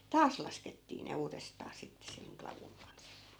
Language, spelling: Finnish, taas laskettiin ne uudestaan sitten sen klavun kanssa
- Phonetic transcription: "taas 'laskettii ne 'uurestaa sitte seŋ 'klavuŋ kans .

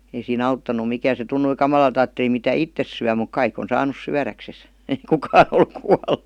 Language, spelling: Finnish, ei siinä auttanut mikään se tuntui kamalalta ajatteli mitä itse syö mutta kaikki on saanut syödäkseen ei kukaan ole kuollut
- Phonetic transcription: ei sii"n ‿auttan̆nu 'mikään̬ se 'tunnui "kamalalt ‿aatteli mitä "ittes syä muk "kaik ‿on 'saanus 'syäräkses , ei 'kukaa ol 'kual(lu) .

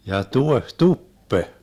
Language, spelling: Finnish, ja tuohituppe
- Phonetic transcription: ja 'tueh"tuppe .

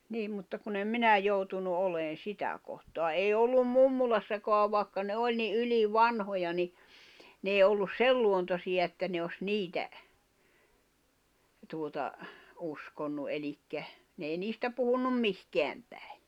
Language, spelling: Finnish, niin mutta kun en minä joutunut olemaan sitä kohtaa ei ollut mummolassakaan vaikka ne oli niin ylivanhoja niin ne ei ollut sen luontoisia että ne olisi niitä tuota uskonut eli ne ei niistä puhuneet mihinkään päin
- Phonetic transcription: 'niim mutta kun ‿em "minä joutunu '’oleen̬ "sitä kohtoa 'ei ollum "mummulassakoa vaaᵉkka ne 'oĺ ni '’yli"vanhoja ni , 'n ‿èi ollus "sei luontosiʲa 'että ne os "niitä , tuota , 'uskonnu ’elikkä , n ‿ei 'niistä puhunnum "mihkeäm 'päɪ̬ .

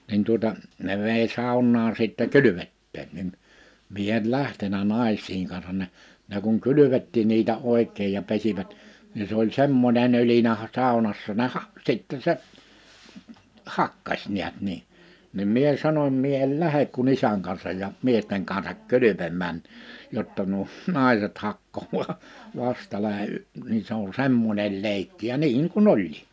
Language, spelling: Finnish, niin tuota ne vei saunaan sitten kylvettämään niin minä en lähtenyt naisten kanssa ne ne kun kylvettikin niitä oikein ja pesivät niin se oli semmoinen ölinä - saunassa ne - sitten se hakkasi näet niin niin minä sanoin minä en lähde kuin isän kanssa ja miesten kanssa kylpemään jotta nuo naiset hakkaa vastalla - niin se on semmoinen leikki ja niin kuin oli
- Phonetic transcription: nin tuᵒta , 'ne vei 'sàunnaa sìttɛ "kylyvetteen nin , 'mie el "lähtenä "nàis̀iiŋ kansan ne , ne kuŋ "kylyvettii niitä 'òik̆keej ja 'pesivät , ni s ‿oĺ 'semmonen ‿ölinä a- , 'sàunassa ne 'ha’- , sìtte se , "hakkaś 'niät 'ni , nim 'mie 'sanom » 'mie el "lähek ku"n ‿isäŋ kansaj ja , "miesteŋ kansak "kylypemmään , 'jotta nuo , 'nàiset 'hakkoẁaa , 'vastala əy , ni se ‿on "semmońel 'lèikki « ja 'niiŋ ku"n ‿oĺlɪ .

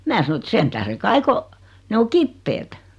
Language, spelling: Finnish, minä sanoin että sen tähden kai kun ne on kipeät
- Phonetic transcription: 'mää sano ᵉt » 'sen tähre 'kai ko , 'ne o "kippeet « .

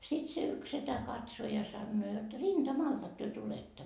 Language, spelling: Finnish, sitten se yksi setä katsoi ja sanoo jotta rintamaltako te tulette
- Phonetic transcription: sit se yks 'setä 'katso ja sannoo jot » rinDa'maltak työ 'tuletta ? »

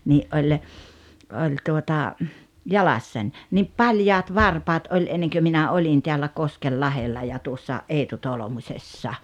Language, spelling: Finnish, niin oli oli tuota jalassani niin paljaat varpaat oli ennen kuin minä olin täällä Koskenlahdella ja tuossa Eetu Tolmusessa
- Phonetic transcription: 'ni’ ’oĺ , 'oĺ tuota , 'jalassań , niip "paljaat "varpaat ’oĺ 'enneŋkö minä 'oĺin teällä "Koskellahella ja tuossa , '’Eetu "Tolᵒmuśessa .

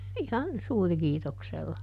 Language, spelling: Finnish, ihan suurikiitoksella
- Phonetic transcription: ˈihan "suurⁱkiitoksella » .

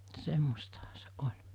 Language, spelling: Finnish, semmoistahan se oli
- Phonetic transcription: 'semmostaha se '’oĺ .

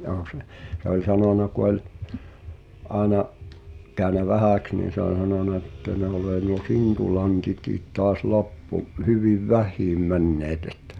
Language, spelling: Finnish, joo se se oli sanonut kun oli aina käynyt vähäksi niin se on sanonut että ne on nuo sintulantit taas loppu hyvin vähiin menneet että
- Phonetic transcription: ʲoo se , se ‿oĺ 'sanòna ku ‿oĺ , 'àena’ , kä̀y̬nä "vähä̀ks niin̬ se ‿on̬ 'sanòna ᵉttä » ne olee nuo 'sintu'lantitiit tɔas "loppu , 'hyviv "väh̀iim 'männeet ᴇttᴀ̈ « .

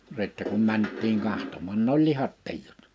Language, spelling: Finnish, sitten kun mentiin katsomaan ne oli lihat tiinut
- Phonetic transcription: sittä kum 'mänt̆tiiŋ 'kahtommàn n ‿oĺ 'lihat 'tii(jut) .

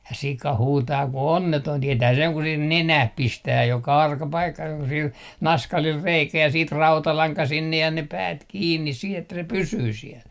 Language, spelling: Finnish, ja sika huutaa kuin onneton tietää sen kun siihen nenään pistää joka arka paikka joka sillä naskalilla reikä ja sitten rautalanka sinne ja ne päät kiinni siihen että se pysyy siellä
- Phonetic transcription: ja 'sika 'huutaa ku "onnetoin tietää seŋ ku sih "nenäh "pistää joka 'arka 'paikka joka sil "naskalil "reikä ja 'siit "rautalaŋka sinnej ja ne "päät 'kiinnis 'sih ‿että se "pysyy 'siɛl .

